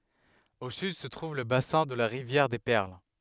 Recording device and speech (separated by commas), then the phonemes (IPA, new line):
headset microphone, read sentence
o syd sə tʁuv lə basɛ̃ də la ʁivjɛʁ de pɛʁl